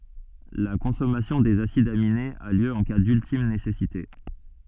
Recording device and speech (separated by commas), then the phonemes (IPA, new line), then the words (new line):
soft in-ear microphone, read sentence
la kɔ̃sɔmasjɔ̃ dez asidz aminez a ljø ɑ̃ ka dyltim nesɛsite
La consommation des acides aminés a lieu en cas d'ultime nécessité.